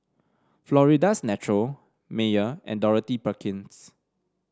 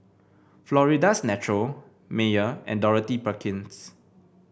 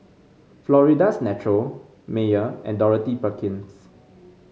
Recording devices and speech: standing microphone (AKG C214), boundary microphone (BM630), mobile phone (Samsung C5), read sentence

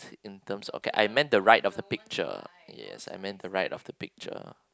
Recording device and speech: close-talking microphone, conversation in the same room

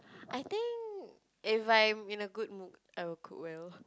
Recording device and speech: close-talking microphone, conversation in the same room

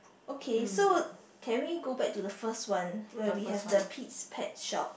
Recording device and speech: boundary microphone, conversation in the same room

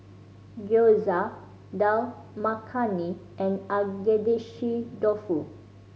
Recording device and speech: mobile phone (Samsung C5010), read sentence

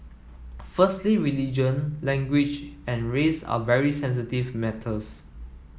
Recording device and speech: mobile phone (iPhone 7), read sentence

